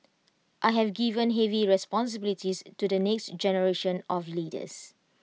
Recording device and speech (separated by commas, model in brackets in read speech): mobile phone (iPhone 6), read sentence